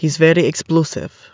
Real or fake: real